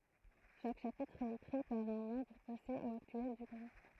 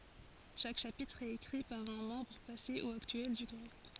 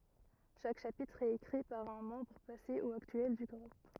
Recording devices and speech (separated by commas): throat microphone, forehead accelerometer, rigid in-ear microphone, read sentence